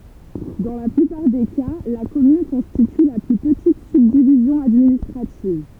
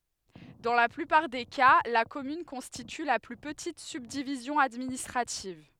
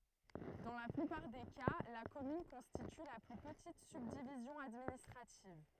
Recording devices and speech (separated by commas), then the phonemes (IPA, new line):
temple vibration pickup, headset microphone, throat microphone, read sentence
dɑ̃ la plypaʁ de ka la kɔmyn kɔ̃stity la ply pətit sybdivizjɔ̃ administʁativ